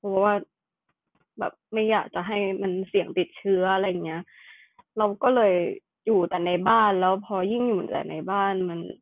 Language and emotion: Thai, frustrated